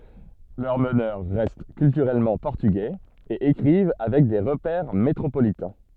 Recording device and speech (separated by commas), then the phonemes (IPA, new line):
soft in-ear microphone, read sentence
lœʁ mənœʁ ʁɛst kyltyʁɛlmɑ̃ pɔʁtyɡɛz e ekʁiv avɛk de ʁəpɛʁ metʁopolitɛ̃